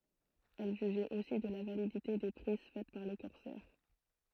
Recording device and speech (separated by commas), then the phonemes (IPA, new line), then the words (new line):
throat microphone, read sentence
ɛl ʒyʒɛt osi də la validite de pʁiz fɛt paʁ le kɔʁsɛʁ
Elle jugeait aussi de la validité des prises faites par les corsaires.